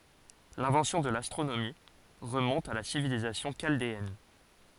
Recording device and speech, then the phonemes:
forehead accelerometer, read sentence
lɛ̃vɑ̃sjɔ̃ də lastʁonomi ʁəmɔ̃t a la sivilizasjɔ̃ ʃaldeɛn

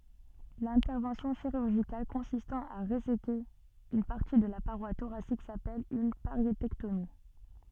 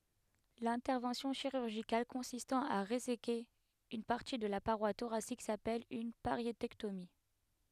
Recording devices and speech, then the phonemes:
soft in-ear microphone, headset microphone, read sentence
lɛ̃tɛʁvɑ̃sjɔ̃ ʃiʁyʁʒikal kɔ̃sistɑ̃ a ʁezeke yn paʁti də la paʁwa toʁasik sapɛl yn paʁjetɛktomi

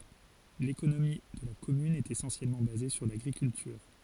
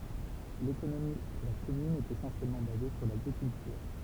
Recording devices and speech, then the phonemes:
forehead accelerometer, temple vibration pickup, read sentence
lekonomi də la kɔmyn ɛt esɑ̃sjɛlmɑ̃ baze syʁ laɡʁikyltyʁ

